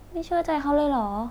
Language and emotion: Thai, sad